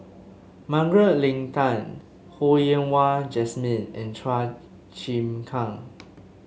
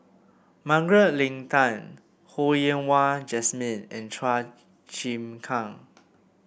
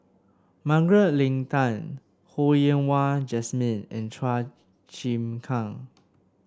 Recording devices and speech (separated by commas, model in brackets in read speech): mobile phone (Samsung S8), boundary microphone (BM630), standing microphone (AKG C214), read sentence